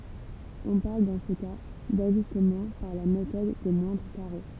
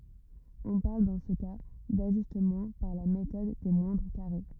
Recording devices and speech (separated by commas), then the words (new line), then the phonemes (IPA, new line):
temple vibration pickup, rigid in-ear microphone, read sentence
On parle dans ce cas d’ajustement par la méthode des moindres carrés.
ɔ̃ paʁl dɑ̃ sə ka daʒystmɑ̃ paʁ la metɔd de mwɛ̃dʁ kaʁe